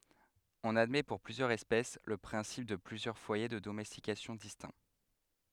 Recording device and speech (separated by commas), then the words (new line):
headset microphone, read sentence
On admet pour plusieurs espèces le principe de plusieurs foyers de domestication distincts.